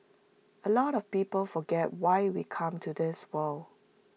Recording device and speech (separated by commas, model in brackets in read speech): mobile phone (iPhone 6), read sentence